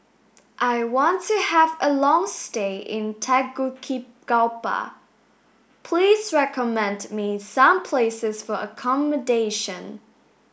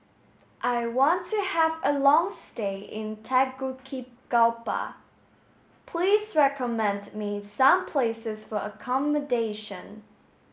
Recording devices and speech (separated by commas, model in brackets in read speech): boundary microphone (BM630), mobile phone (Samsung S8), read sentence